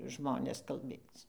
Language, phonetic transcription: Lithuanian, ˈžmonės kalˈbėc

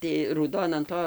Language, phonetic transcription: Lithuanian, tai rūˈdon an ˈto

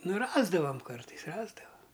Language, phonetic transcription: Lithuanian, ˈnu ˈrasdavam ˈkartais ˈrasdava

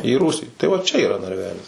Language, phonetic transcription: Lithuanian, į ˈrūsį tai va čia yˈra narˈvelis

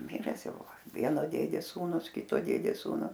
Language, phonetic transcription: Lithuanian, ˈmires ˈjau ˈva ˈvieno ˈdėdės ˈsūnus ˈkito ˈdėdės ˈsūnu

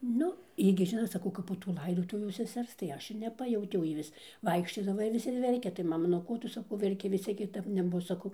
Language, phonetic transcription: Lithuanian, ˈnu ˈjy gi ˈžinot saˈkau ˈkap po tų ˈlaidotuvių seˈsers tai ˈaš ir neˈpajautiau ˈjy vis ˈvaikščiodava ir ˈvis ir ˈverkia tai ˈmama nu ˈko ˈtu saˈkau verˈki vis ˈciek kiˈtap neˈbus saˈkau

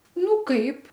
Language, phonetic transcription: Lithuanian, ˈnu ˈkaip

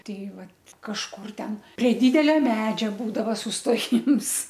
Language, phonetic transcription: Lithuanian, ˈtei ˈvat kažˈkur ˈten prie ˈdidelia ˈmedžia ˈbūdava susˈtojims

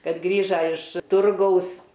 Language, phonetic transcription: Lithuanian, ˈkad ˈgrįža iš ˈturgaus

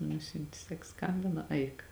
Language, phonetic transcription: Lithuanian, ˈnusiunti ˈsak ˈskambina ˈaik

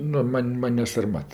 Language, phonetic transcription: Lithuanian, ˈnu ˈman' ˈman' ne sarˈmat

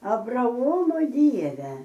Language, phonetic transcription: Lithuanian, abraˈomo ˈdieve

